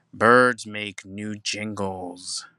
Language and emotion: English, happy